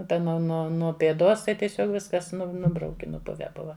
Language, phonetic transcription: Lithuanian, ˈta nu ˈnuo nuo pėˈdos tai tieˈsiog ˈviskas ˈnu ˈnubrauki nuˈpuve ˈbuva

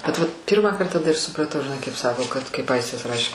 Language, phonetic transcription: Lithuanian, bet vat ˈpyrmąkart taˈda ir supraˈtau žiˈnai kaip ˈsako kad kaip ˈaistis ˈrašė

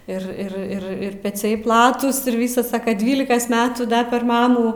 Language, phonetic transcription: Lithuanian, ir ˈir ˈir ir peˈciai ˈplatūs ir ˈvysas ˈsaka ˈdvylikas ˈmetų da per ˈmamų

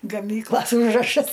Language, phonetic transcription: Lithuanian, gaˈmyklas ˈūžrašas

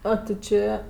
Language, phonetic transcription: Lithuanian, ˈo ti ˈčė

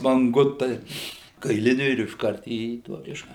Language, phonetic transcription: Lithuanian, manˈgutai kaiˈliniu ir išˈkart į ˈtuo ˈkiša

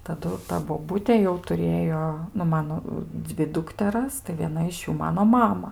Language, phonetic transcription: Lithuanian, taˈdu ˈta boˈbutė jau tuˈrėjo nu ˈmano ˈdzvi ˈdukteras tai vieˈna iš ˈjų ˈmano ˈmama

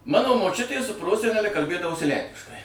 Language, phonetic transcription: Lithuanian, ˈmano moˈčiutė su ˈprosenele kalˈbėdavosi ˈlenkiškai

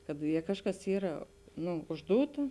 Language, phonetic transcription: Lithuanian, kad ˈje ˈkažˌkas ˈyra ˈnu užˈdūta

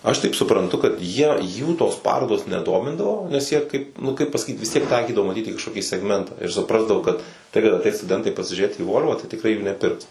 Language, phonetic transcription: Lithuanian, ˈaš taip supranˈtu kad ˈjie ˈjų tos ˈparodos neˈdomindavo nes ˈjie ˈkaip nu ˈkaip pasaˈkyt vis ˈtiek ˈtaikydavo ˈmaˈtyt į kažkoˈkį segˈmentą ir suˈprasdavo kad ˈtai kad aˈteis stuˈdentai pasižiūˈrėt į ˈvol'va tai tikˈrai jų neˈpirks

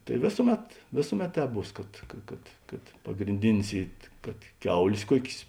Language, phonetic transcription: Lithuanian, tai ˈvėsuˌmet ˈvėsuˌmet ˈtēp ˈbūs kad ˈka kad kad pagrinˈdinis ˈy kad ˈkiaulės ˈkuokės

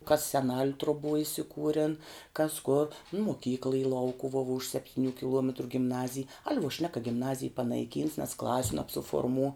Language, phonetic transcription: Lithuanian, kas seˈnal' truˈbuo isiˈkūren kas kor nu moˈkykla y ˈlaukuvuo vuo už sepˈtyniu kiˈluometru gimˈnazij al' vuo šnek ka gimˈnazij panaiˈkyns nes ˈklasiu nabsuforˈmū

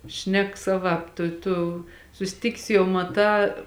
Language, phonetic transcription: Lithuanian, ˈšnek ˈsaˌvāp ˈtu ˈtu susˈtikis jau maˈtā

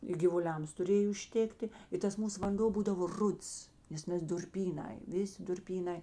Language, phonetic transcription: Lithuanian, i givuˈliams tuˈrėj užˈtėkti i ˈtas ˈmūs vanˈdo ˈbūdavo ˈruds ˈnes nes durˈpyˌnai ˈviˌsi durˈpyˌnai

